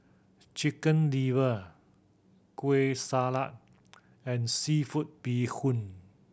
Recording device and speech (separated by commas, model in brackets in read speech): boundary microphone (BM630), read sentence